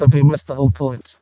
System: VC, vocoder